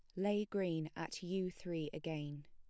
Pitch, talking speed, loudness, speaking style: 165 Hz, 160 wpm, -41 LUFS, plain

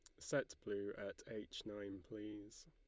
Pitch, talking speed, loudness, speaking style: 105 Hz, 145 wpm, -47 LUFS, Lombard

